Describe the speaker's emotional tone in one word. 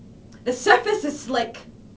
fearful